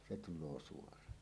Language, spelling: Finnish, se tulee suora
- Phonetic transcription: se "tul̆loo 'suora .

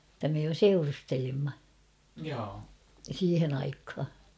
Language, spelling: Finnish, että me jo seurustelimme siihen aikaan
- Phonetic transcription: [et]tä me jo "seurustelimma , 'siihen ‿aikha .

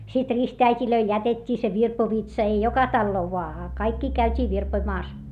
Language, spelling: Finnish, sitten ristiäideille jätettiin se virpovitsa ei joka taloon - a kaikki käytiin virpomassa
- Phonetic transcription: sit ristäit́ilöil jätet́t́ii se virpovitsa ei joka talloo voa - a kaikki käyt́ii virpoⁱmaas .

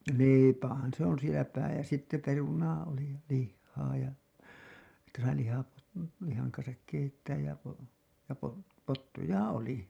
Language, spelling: Finnish, leipähän se on siellä - ja sitten perunaa oli ja lihaa ja sitten sai - lihan kanssa keittää ja - ja - pottuja oli
- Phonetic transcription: lèipähän se ‿on sielä 'pää- , ja sitte 'perunaa oli ja , 'lihhaa ja , sitte sai lihapo- , 'lihaŋ kansak keittääj ja po- , ja pot- , 'pottuja 'oli .

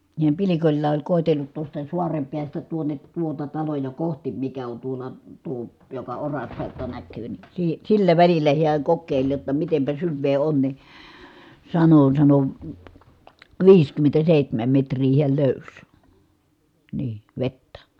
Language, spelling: Finnish, nehän pilkoillaan oli koetellut tuosta saaren päästä tuonne tuota taloja kohti mikä on tuolla tuo joka oraspelto näkyy niin - sillä välillä hän kokeili jotta mitenpä syvää on niin sanoi sanoi viisikymmentäseitsemän metriä hän löysi niin vettä
- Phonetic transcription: nehäm pilikoĺlaa oĺ kòetellut tuosta suarem piästä tuone , tuota taloja kohtim mikä on tuol̆la , tuo , joka oraspelto näk̆kyy ni , sii- sillä välillä hiäŋ kokkèiĺ jotta mitempä syvvee on ni , sano sano , viiskymmentäsèihtämäm metr̀ii hiäl lö̀ys , nii , vettä .

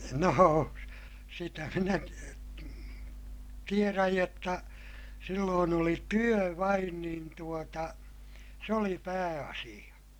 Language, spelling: Finnish, no sitä minä - tiedän jotta silloin oli työ vain niin tuota se oli pääasia
- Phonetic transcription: noo₍o , sitä minä , ti- , tieräj jotta , silloon ‿oli työ vain niin tuota , se oli pää₍asiʲa .

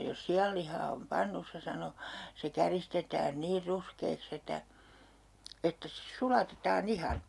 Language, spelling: Finnish, jos sianlihaa on pannussa sanoi se käristetään niin ruskeaksi että että se sulatetaan ihan
- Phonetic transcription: » jos 'si₍allihaa om 'pannussa » sano , » se 'käristet̀ään 'niir 'ruskeeks ‿etä , 'että se "sulatetaa'n ‿ihan » .

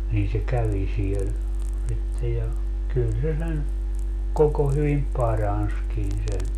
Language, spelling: Finnish, niin se kävi siellä sitten ja kyllä se sen koko hyvin paransikin sen
- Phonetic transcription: niin se 'kävi 'siel , sitte ja , 'kyl se 'sen , 'koko hyvim "paranskin sen .

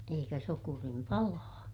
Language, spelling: Finnish, eikä sokerin palaa
- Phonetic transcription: eikä sokurim palaa !

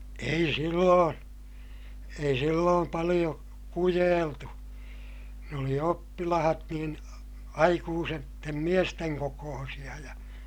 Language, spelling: Finnish, ei silloin ei silloin paljon kujeiltu ne oli oppilaat niin aikuisten miesten kokoisia ja
- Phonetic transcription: ei silloo̰ , ei silloom paliʲo , kujeeltu , ne oli oppilahat niin , aikuusettem miesteŋ kokoosiʲa ja ,.

